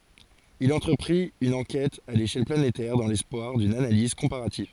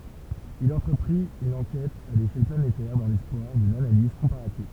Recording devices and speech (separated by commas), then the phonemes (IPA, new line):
forehead accelerometer, temple vibration pickup, read sentence
il ɑ̃tʁəpʁit yn ɑ̃kɛt a leʃɛl planetɛʁ dɑ̃ lɛspwaʁ dyn analiz kɔ̃paʁativ